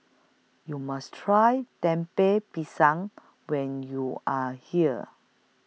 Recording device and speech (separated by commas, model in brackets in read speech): mobile phone (iPhone 6), read sentence